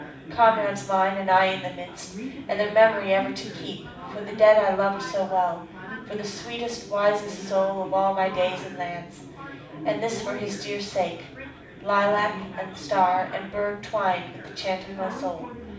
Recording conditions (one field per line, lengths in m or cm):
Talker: one person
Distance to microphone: 5.8 m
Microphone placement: far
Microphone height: 1.8 m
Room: medium-sized (5.7 m by 4.0 m)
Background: babble